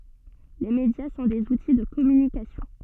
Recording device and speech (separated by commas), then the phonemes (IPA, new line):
soft in-ear microphone, read sentence
le medja sɔ̃ dez uti də kɔmynikasjɔ̃